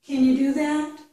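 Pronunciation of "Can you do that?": In 'Can you do that?', 'can' is said with the full a vowel, not a reduced vowel.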